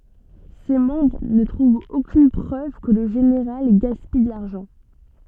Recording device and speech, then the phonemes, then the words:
soft in-ear microphone, read sentence
se mɑ̃bʁ nə tʁuvt okyn pʁøv kə lə ʒeneʁal ɡaspij də laʁʒɑ̃
Ses membres ne trouvent aucune preuve que le général gaspille de l'argent.

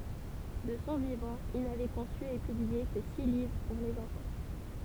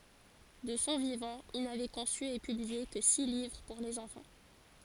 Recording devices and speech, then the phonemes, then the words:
temple vibration pickup, forehead accelerometer, read sentence
də sɔ̃ vivɑ̃ il navɛ kɔ̃sy e pyblie kə si livʁ puʁ lez ɑ̃fɑ̃
De son vivant, il n'avait conçu et publié que six livres pour les enfants.

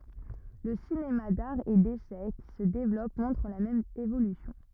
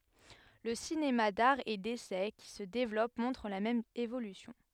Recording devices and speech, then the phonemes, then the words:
rigid in-ear microphone, headset microphone, read sentence
lə sinema daʁ e desɛ ki sə devlɔp mɔ̃tʁ la mɛm evolysjɔ̃
Le cinéma d'art et d'essai qui se développe montre la même évolution.

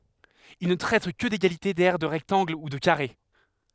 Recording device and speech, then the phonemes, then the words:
headset microphone, read sentence
il nə tʁɛt kə deɡalite dɛʁ də ʁɛktɑ̃ɡl u də kaʁe
Il ne traite que d'égalités d'aires de rectangles ou de carrés.

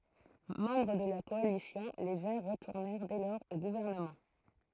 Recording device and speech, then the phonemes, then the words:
throat microphone, read sentence
mɑ̃bʁ də la kɔalisjɔ̃ le vɛʁ ʁətuʁnɛʁ dɛ lɔʁz o ɡuvɛʁnəmɑ̃
Membres de la coalition, les Verts retournèrent dès lors au gouvernement.

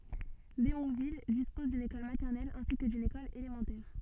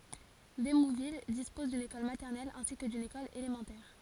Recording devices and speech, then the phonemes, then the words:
soft in-ear microphone, forehead accelerometer, read sentence
demuvil dispɔz dyn ekɔl matɛʁnɛl ɛ̃si kə dyn ekɔl elemɑ̃tɛʁ
Démouville dispose d'une école maternelle ainsi que d'une école élémentaire.

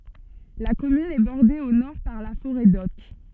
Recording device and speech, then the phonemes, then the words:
soft in-ear microphone, read sentence
la kɔmyn ɛ bɔʁde o nɔʁ paʁ la foʁɛ dɔt
La commune est bordée au nord par la forêt d'Othe.

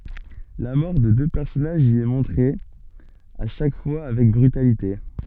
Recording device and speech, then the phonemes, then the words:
soft in-ear microphone, read sentence
la mɔʁ də dø pɛʁsɔnaʒz i ɛ mɔ̃tʁe a ʃak fwa avɛk bʁytalite
La mort de deux personnages y est montrée, à chaque fois, avec brutalité.

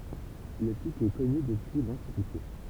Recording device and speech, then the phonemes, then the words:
temple vibration pickup, read sentence
lə pik ɛ kɔny dəpyi lɑ̃tikite
Le pic est connu depuis l'Antiquité.

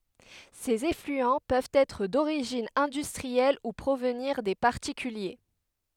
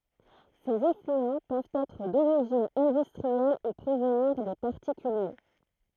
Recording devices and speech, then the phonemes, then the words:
headset microphone, throat microphone, read sentence
sez eflyɑ̃ pøvt ɛtʁ doʁiʒin ɛ̃dystʁiɛl u pʁovniʁ de paʁtikylje
Ces effluents peuvent être d'origine industrielle ou provenir des particuliers.

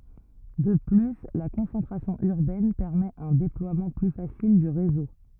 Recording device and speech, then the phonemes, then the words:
rigid in-ear microphone, read sentence
də ply la kɔ̃sɑ̃tʁasjɔ̃ yʁbɛn pɛʁmɛt œ̃ deplwamɑ̃ ply fasil dy ʁezo
De plus, la concentration urbaine permet un déploiement plus facile du réseau.

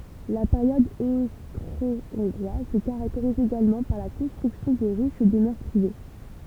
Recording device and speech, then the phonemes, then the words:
temple vibration pickup, read sentence
la peʁjɔd ostʁoɔ̃ɡʁwaz sə kaʁakteʁiz eɡalmɑ̃ paʁ la kɔ̃stʁyksjɔ̃ də ʁiʃ dəmœʁ pʁive
La période austro-hongroise se caractérise également par la construction de riches demeures privées.

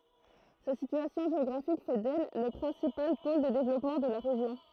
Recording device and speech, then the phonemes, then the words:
throat microphone, read sentence
sa sityasjɔ̃ ʒeɔɡʁafik fɛ dɛl lə pʁɛ̃sipal pol də devlɔpmɑ̃ də la ʁeʒjɔ̃
Sa situation géographique fait d'elle le principal pôle de développement de la région.

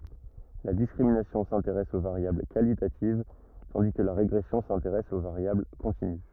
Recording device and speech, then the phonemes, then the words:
rigid in-ear microphone, read sentence
la diskʁiminasjɔ̃ sɛ̃teʁɛs o vaʁjabl kalitativ tɑ̃di kə la ʁeɡʁɛsjɔ̃ sɛ̃teʁɛs o vaʁjabl kɔ̃tiny
La discrimination s’intéresse aux variables qualitatives, tandis que la régression s’intéresse aux variables continues.

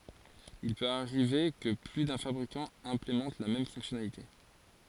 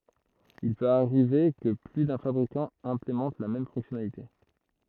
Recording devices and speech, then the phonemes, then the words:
forehead accelerometer, throat microphone, read sentence
il pøt aʁive kə ply dœ̃ fabʁikɑ̃ ɛ̃plemɑ̃t la mɛm fɔ̃ksjɔnalite
Il peut arriver que plus d'un fabricant implémente la même fonctionnalité.

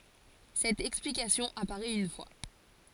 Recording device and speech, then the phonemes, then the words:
forehead accelerometer, read sentence
sɛt ɛksplikasjɔ̃ apaʁɛt yn fwa
Cette explication apparait une fois.

